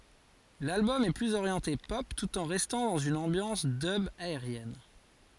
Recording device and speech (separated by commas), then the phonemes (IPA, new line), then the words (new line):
forehead accelerometer, read sentence
lalbɔm ɛ plyz oʁjɑ̃te pɔp tut ɑ̃ ʁɛstɑ̃ dɑ̃z yn ɑ̃bjɑ̃s dœb aeʁjɛn
L'album est plus orienté pop tout en restant dans une ambiance dub aérienne.